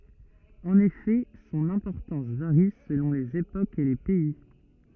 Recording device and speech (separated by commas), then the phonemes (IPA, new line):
rigid in-ear microphone, read sentence
ɑ̃n efɛ sɔ̃n ɛ̃pɔʁtɑ̃s vaʁi səlɔ̃ lez epokz e le pɛi